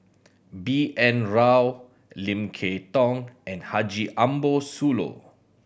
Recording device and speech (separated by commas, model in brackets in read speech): boundary microphone (BM630), read sentence